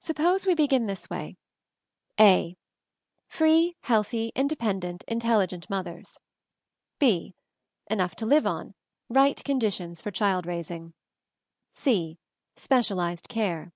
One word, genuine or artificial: genuine